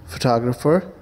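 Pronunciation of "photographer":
'photographer' is pronounced correctly here.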